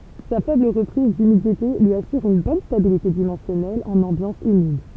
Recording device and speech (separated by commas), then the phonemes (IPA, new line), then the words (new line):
temple vibration pickup, read sentence
sa fɛbl ʁəpʁiz dymidite lyi asyʁ yn bɔn stabilite dimɑ̃sjɔnɛl ɑ̃n ɑ̃bjɑ̃s ymid
Sa faible reprise d'humidité lui assure une bonne stabilité dimensionnelle en ambiance humide.